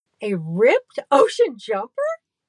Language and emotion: English, happy